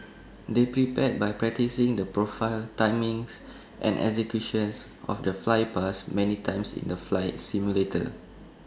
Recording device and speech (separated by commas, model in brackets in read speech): standing microphone (AKG C214), read sentence